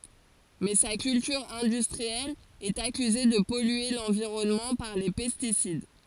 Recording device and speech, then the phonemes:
forehead accelerometer, read sentence
mɛ sa kyltyʁ ɛ̃dystʁiɛl ɛt akyze də pɔlye lɑ̃viʁɔnmɑ̃ paʁ le pɛstisid

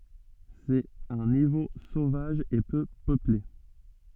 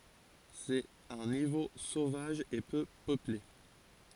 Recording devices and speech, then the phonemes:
soft in-ear microphone, forehead accelerometer, read sentence
sɛt œ̃ nivo sovaʒ e pø pøple

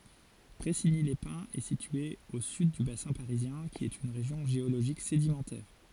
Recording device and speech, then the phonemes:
forehead accelerometer, read sentence
pʁɛsiɲilɛspɛ̃z ɛ sitye o syd dy basɛ̃ paʁizjɛ̃ ki ɛt yn ʁeʒjɔ̃ ʒeoloʒik sedimɑ̃tɛʁ

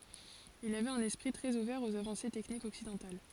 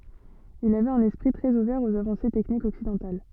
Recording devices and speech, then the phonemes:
forehead accelerometer, soft in-ear microphone, read sentence
il avɛt œ̃n ɛspʁi tʁɛz uvɛʁ oz avɑ̃se tɛknikz ɔksidɑ̃tal

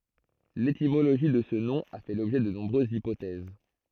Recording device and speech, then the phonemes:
throat microphone, read sentence
letimoloʒi də sə nɔ̃ a fɛ lɔbʒɛ də nɔ̃bʁøzz ipotɛz

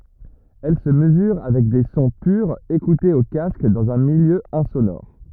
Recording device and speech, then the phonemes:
rigid in-ear microphone, read sentence
ɛl sə məzyʁ avɛk de sɔ̃ pyʁz ekutez o kask dɑ̃z œ̃ miljø ɛ̃sonɔʁ

